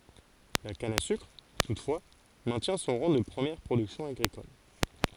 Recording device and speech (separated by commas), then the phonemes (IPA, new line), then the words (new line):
forehead accelerometer, read sentence
la kan a sykʁ tutfwa mɛ̃tjɛ̃ sɔ̃ ʁɑ̃ də pʁəmjɛʁ pʁodyksjɔ̃ aɡʁikɔl
La canne à sucre, toutefois, maintient son rang de première production agricole.